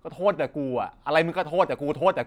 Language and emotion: Thai, frustrated